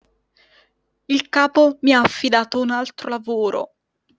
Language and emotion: Italian, disgusted